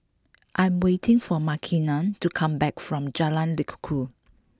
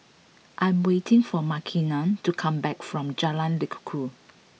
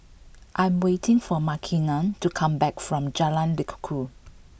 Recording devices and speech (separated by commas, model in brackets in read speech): close-talking microphone (WH20), mobile phone (iPhone 6), boundary microphone (BM630), read sentence